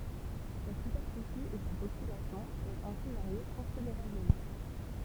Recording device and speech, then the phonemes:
temple vibration pickup, read sentence
sa sypɛʁfisi e sa popylasjɔ̃ pøvt ɛ̃si vaʁje kɔ̃sideʁabləmɑ̃

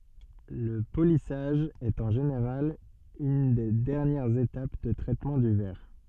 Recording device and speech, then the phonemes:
soft in-ear microphone, read sentence
lə polisaʒ ɛt ɑ̃ ʒeneʁal yn de dɛʁnjɛʁz etap də tʁɛtmɑ̃ dy vɛʁ

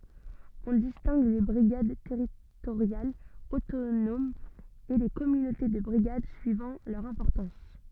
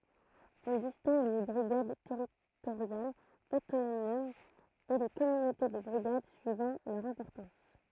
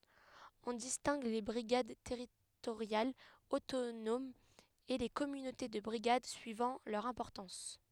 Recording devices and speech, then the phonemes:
soft in-ear microphone, throat microphone, headset microphone, read sentence
ɔ̃ distɛ̃ɡ le bʁiɡad tɛʁitoʁjalz otonomz e le kɔmynote də bʁiɡad syivɑ̃ lœʁ ɛ̃pɔʁtɑ̃s

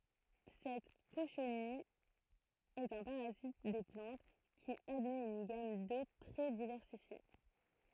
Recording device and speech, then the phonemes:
throat microphone, read sentence
sɛt koʃnij ɛt œ̃ paʁazit de plɑ̃t ki admɛt yn ɡam dot tʁɛ divɛʁsifje

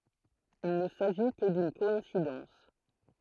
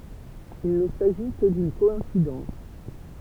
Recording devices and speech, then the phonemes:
throat microphone, temple vibration pickup, read sentence
il nə saʒi kə dyn kɔɛ̃sidɑ̃s

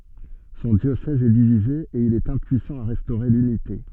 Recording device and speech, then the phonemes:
soft in-ear microphone, read sentence
sɔ̃ djosɛz ɛ divize e il ɛt ɛ̃pyisɑ̃ a ʁɛstoʁe lynite

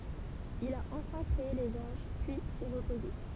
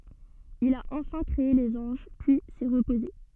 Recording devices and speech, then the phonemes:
temple vibration pickup, soft in-ear microphone, read sentence
il a ɑ̃fɛ̃ kʁee lez ɑ̃ʒ pyi sɛ ʁəpoze

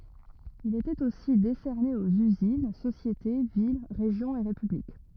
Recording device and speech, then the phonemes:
rigid in-ear microphone, read sentence
il etɛt osi desɛʁne oz yzin sosjete vil ʁeʒjɔ̃z e ʁepyblik

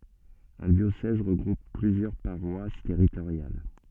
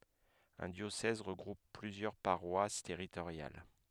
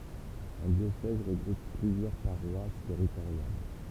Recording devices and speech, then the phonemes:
soft in-ear microphone, headset microphone, temple vibration pickup, read sentence
œ̃ djosɛz ʁəɡʁup plyzjœʁ paʁwas tɛʁitoʁjal

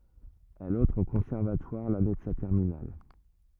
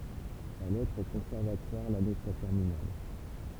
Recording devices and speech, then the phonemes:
rigid in-ear microphone, temple vibration pickup, read sentence
ɛl ɑ̃tʁ o kɔ̃sɛʁvatwaʁ lane də sa tɛʁminal

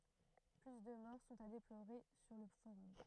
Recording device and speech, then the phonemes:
throat microphone, read sentence
ply də mɔʁ sɔ̃t a deploʁe syʁ lə foʁɔm

